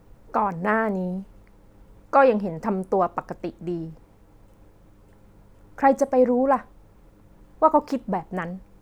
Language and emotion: Thai, frustrated